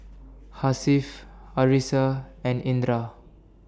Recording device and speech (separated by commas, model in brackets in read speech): standing microphone (AKG C214), read sentence